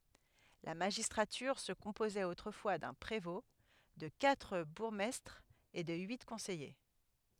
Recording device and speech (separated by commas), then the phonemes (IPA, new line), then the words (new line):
headset microphone, read sentence
la maʒistʁatyʁ sə kɔ̃pozɛt otʁəfwa dœ̃ pʁevɔ̃ də katʁ buʁɡmɛstʁz e də yi kɔ̃sɛje
La magistrature se composait autrefois d'un prévôt, de quatre bourgmestres et de huit conseillers.